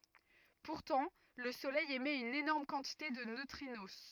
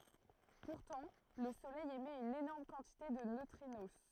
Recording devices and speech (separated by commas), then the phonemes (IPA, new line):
rigid in-ear microphone, throat microphone, read sentence
puʁtɑ̃ lə solɛj emɛt yn enɔʁm kɑ̃tite də nøtʁino